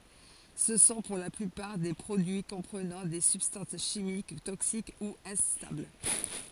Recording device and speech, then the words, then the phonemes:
forehead accelerometer, read sentence
Ce sont pour la plupart des produits comprenant des substances chimiques toxiques ou instables.
sə sɔ̃ puʁ la plypaʁ de pʁodyi kɔ̃pʁənɑ̃ de sybstɑ̃s ʃimik toksik u ɛ̃stabl

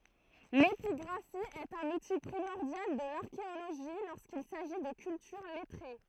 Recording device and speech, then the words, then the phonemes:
throat microphone, read sentence
L’épigraphie est un outil primordial de l’archéologie lorsqu’il s’agit de cultures lettrées.
lepiɡʁafi ɛt œ̃n uti pʁimɔʁdjal də laʁkeoloʒi loʁskil saʒi də kyltyʁ lɛtʁe

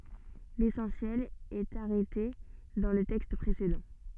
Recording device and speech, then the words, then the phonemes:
soft in-ear microphone, read sentence
L'essentiel est arrêté dans le texte précédent.
lesɑ̃sjɛl ɛt aʁɛte dɑ̃ lə tɛkst pʁesedɑ̃

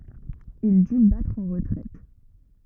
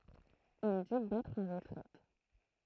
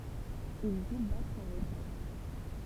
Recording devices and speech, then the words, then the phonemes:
rigid in-ear microphone, throat microphone, temple vibration pickup, read sentence
Il dut battre en retraite.
il dy batʁ ɑ̃ ʁətʁɛt

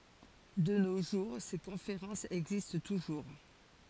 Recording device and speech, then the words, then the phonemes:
forehead accelerometer, read sentence
De nos jours, ces conférences existent toujours.
də no ʒuʁ se kɔ̃feʁɑ̃sz ɛɡzist tuʒuʁ

